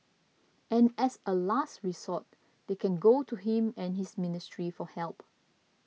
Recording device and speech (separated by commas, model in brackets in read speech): mobile phone (iPhone 6), read sentence